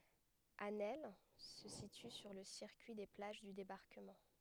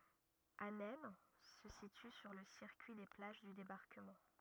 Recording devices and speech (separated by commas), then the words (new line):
headset microphone, rigid in-ear microphone, read sentence
Asnelles se situe sur le circuit des plages du Débarquement.